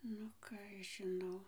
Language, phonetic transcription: Lithuanian, nu ˈką aš ˈžinau

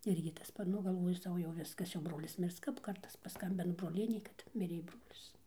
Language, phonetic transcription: Lithuanian, ˈirgi tas ˈpat ˈnu galˈvoju ˈsau jau ˈviskas jau ˈbrolis ˈmirs kap ˈkartas paˈskambina broˈlienė kad ˈmirė ˈbrolis

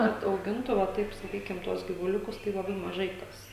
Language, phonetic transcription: Lithuanian, ˈkad auˈgintu va ˈtaip saˈkykim ˈtuos gyvuˈliukus tai laˈbai maˈžai ˈkas

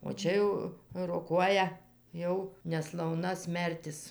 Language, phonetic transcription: Lithuanian, o ˈčia jau roˈkuoja ˈjau neslauˈna ˈsmertis

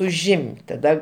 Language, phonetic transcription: Lithuanian, uˈžim't' taˈda

